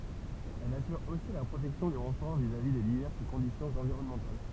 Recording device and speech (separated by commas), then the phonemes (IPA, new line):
temple vibration pickup, read sentence
ɛl asyʁ osi la pʁotɛksjɔ̃ dy ʁɑ̃fɔʁ vizavi de divɛʁs kɔ̃disjɔ̃z ɑ̃viʁɔnmɑ̃tal